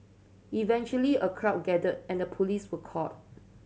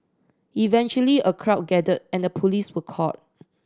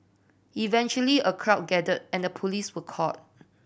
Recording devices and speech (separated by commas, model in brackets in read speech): mobile phone (Samsung C7100), standing microphone (AKG C214), boundary microphone (BM630), read sentence